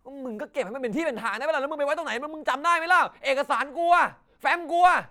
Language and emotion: Thai, angry